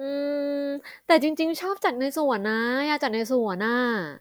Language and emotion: Thai, happy